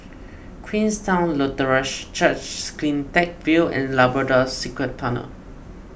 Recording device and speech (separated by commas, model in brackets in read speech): boundary microphone (BM630), read sentence